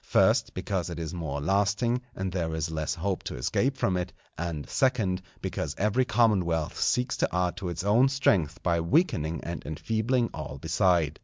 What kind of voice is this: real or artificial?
real